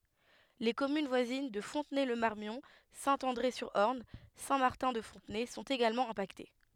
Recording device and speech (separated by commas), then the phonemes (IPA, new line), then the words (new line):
headset microphone, read sentence
le kɔmyn vwazin də fɔ̃tnɛ lə maʁmjɔ̃ sɛ̃ ɑ̃dʁe syʁ ɔʁn sɛ̃ maʁtɛ̃ də fɔ̃tnɛ sɔ̃t eɡalmɑ̃ ɛ̃pakte
Les communes voisines de Fontenay-le-Marmion, Saint-André-sur-Orne, Saint-Martin-de-Fontenay sont également impactées.